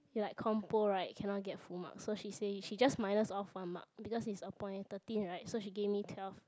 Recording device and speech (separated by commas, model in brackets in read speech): close-talking microphone, conversation in the same room